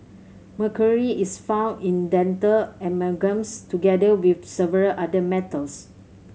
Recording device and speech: mobile phone (Samsung C7100), read sentence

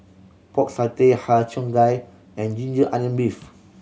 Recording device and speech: mobile phone (Samsung C7100), read sentence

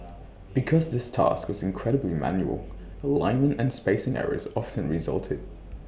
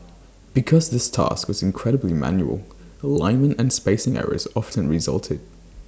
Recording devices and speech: boundary microphone (BM630), standing microphone (AKG C214), read sentence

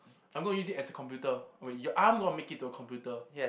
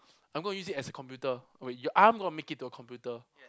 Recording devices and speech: boundary microphone, close-talking microphone, conversation in the same room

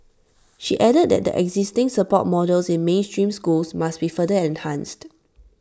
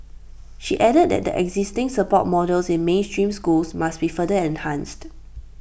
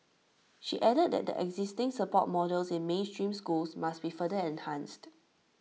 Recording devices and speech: standing microphone (AKG C214), boundary microphone (BM630), mobile phone (iPhone 6), read sentence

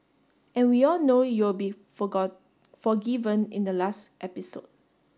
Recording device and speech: standing microphone (AKG C214), read sentence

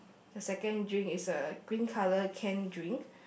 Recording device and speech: boundary microphone, conversation in the same room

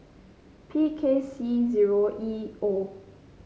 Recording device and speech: mobile phone (Samsung C5), read sentence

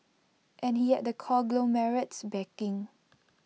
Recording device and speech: mobile phone (iPhone 6), read sentence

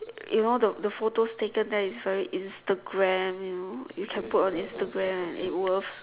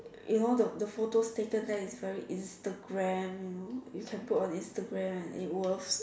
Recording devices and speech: telephone, standing microphone, conversation in separate rooms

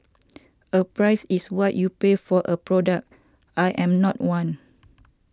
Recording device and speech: standing microphone (AKG C214), read sentence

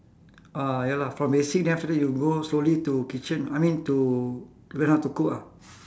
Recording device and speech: standing microphone, conversation in separate rooms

